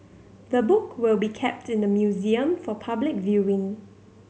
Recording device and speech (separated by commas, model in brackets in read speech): mobile phone (Samsung C7100), read sentence